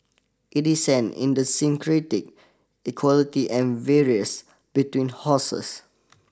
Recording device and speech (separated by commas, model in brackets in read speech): standing microphone (AKG C214), read sentence